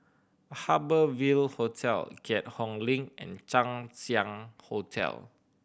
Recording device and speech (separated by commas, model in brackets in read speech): boundary microphone (BM630), read sentence